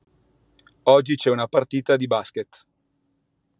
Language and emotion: Italian, neutral